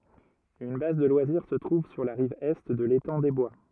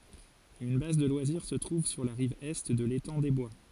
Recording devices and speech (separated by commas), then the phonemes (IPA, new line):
rigid in-ear microphone, forehead accelerometer, read sentence
yn baz də lwaziʁ sə tʁuv syʁ la ʁiv ɛ də letɑ̃ de bwa